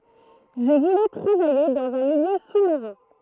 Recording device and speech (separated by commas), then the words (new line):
throat microphone, read sentence
Je voulais travailler dans un milieu sous-marin.